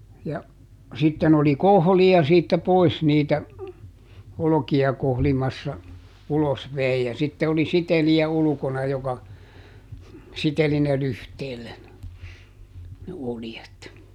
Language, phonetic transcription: Finnish, ja , ˈsitten ‿oli "kohli₍a siittä ˈpois niitä , ˈoloki₍a ˈkohlimassa , ˈulos ˈvei - ja sitte oli ˈsiteli₍ä ˈulᵘkona joka , ˈsiteli ne ˈlyhteellen , ne ˈoljet .
- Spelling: ja sitten oli kohlija siitä pois niitä olkia kohlimassa ulos vei ja sitten oli sitelijä ulkona joka siteli ne lyhteelle ne oljet

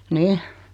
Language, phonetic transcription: Finnish, nih .
- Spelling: niin

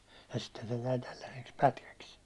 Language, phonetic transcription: Finnish, ja sitte se jäi 'tälläseks "pätkäks .
- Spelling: ja sitten se jäi tällaiseksi pätkäksi

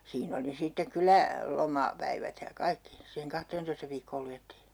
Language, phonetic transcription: Finnish, 'siin ‿oli sittek 'kylä , 'loma- , '-päivät ja "kaikki , siiheŋ 'kahteentoista viikkool 'lujettii .
- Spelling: siinä oli sitten kyllä - lomapäivät ja kaikki siihen kahteentoista viikkoon luettiin

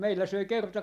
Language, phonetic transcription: Finnish, 'meillä 'söi 'kerta , .
- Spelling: meillä söi kerta

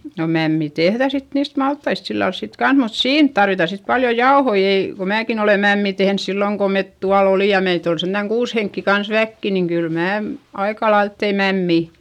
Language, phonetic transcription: Finnish, no mämmi tehδä sit niist malttaist sillals sik kans mut siin tarvita sit paljo jaohoi - ei , ko määkin ‿ole mämmì tehns silloŋ ko met tual ‿olì ja meit ‿ol sentäŋ kuus heŋkki kans väkki niŋ kyl mää , aikalailt tei mämmì .
- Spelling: no mämmi tehdään sitten niistä maltaista sillä lailla sitten kanssa mutta siinä tarvitaan sitten paljon jauhoja ei kun minäkin olen mämmiä tehnyt silloin kun me tuolla olimme ja meitä oli sentään kuusi henkeä kanssa väkeä niin kyllä minä aika lailla tein mämmiä

